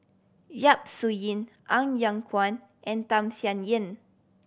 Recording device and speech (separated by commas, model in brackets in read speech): boundary microphone (BM630), read sentence